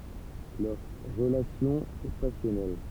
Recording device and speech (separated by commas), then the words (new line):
temple vibration pickup, read sentence
Leur relation est passionnelle.